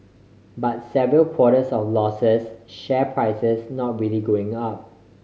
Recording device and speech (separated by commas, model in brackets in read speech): mobile phone (Samsung C5010), read sentence